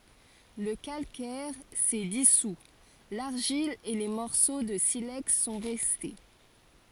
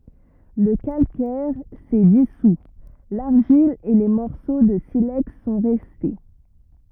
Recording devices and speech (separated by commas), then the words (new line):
forehead accelerometer, rigid in-ear microphone, read sentence
Le calcaire s’est dissout, l’argile et les morceaux de silex sont restés.